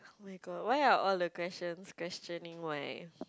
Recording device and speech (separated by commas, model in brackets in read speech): close-talking microphone, conversation in the same room